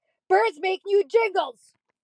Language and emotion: English, angry